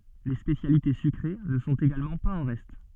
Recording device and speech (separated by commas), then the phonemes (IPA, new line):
soft in-ear microphone, read sentence
le spesjalite sykʁe nə sɔ̃t eɡalmɑ̃ paz ɑ̃ ʁɛst